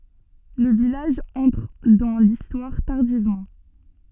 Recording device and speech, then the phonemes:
soft in-ear microphone, read sentence
lə vilaʒ ɑ̃tʁ dɑ̃ listwaʁ taʁdivmɑ̃

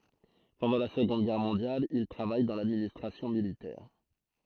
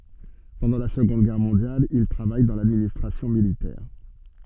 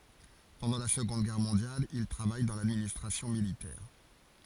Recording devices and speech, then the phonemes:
throat microphone, soft in-ear microphone, forehead accelerometer, read sentence
pɑ̃dɑ̃ la səɡɔ̃d ɡɛʁ mɔ̃djal il tʁavaj dɑ̃ ladministʁasjɔ̃ militɛʁ

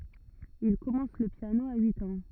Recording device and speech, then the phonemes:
rigid in-ear microphone, read sentence
il kɔmɑ̃s lə pjano a yit ɑ̃

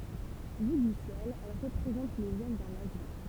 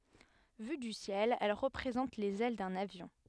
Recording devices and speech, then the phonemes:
temple vibration pickup, headset microphone, read sentence
vy dy sjɛl ɛl ʁəpʁezɑ̃t lez ɛl də lavjɔ̃

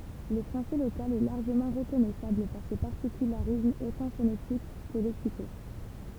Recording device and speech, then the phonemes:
temple vibration pickup, read sentence
lə fʁɑ̃sɛ lokal ɛ laʁʒəmɑ̃ ʁəkɔnɛsabl paʁ se paʁtikylaʁismz otɑ̃ fonetik kə lɛksiko

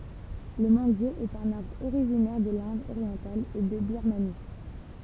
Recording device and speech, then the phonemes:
temple vibration pickup, read sentence
lə mɑ̃ɡje ɛt œ̃n aʁbʁ oʁiʒinɛʁ də lɛ̃d oʁjɑ̃tal e də biʁmani

